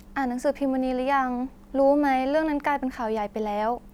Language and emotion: Thai, neutral